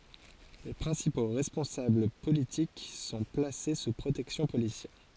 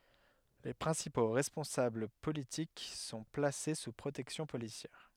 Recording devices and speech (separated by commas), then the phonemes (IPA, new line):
forehead accelerometer, headset microphone, read sentence
le pʁɛ̃sipo ʁɛspɔ̃sabl politik sɔ̃ plase su pʁotɛksjɔ̃ polisjɛʁ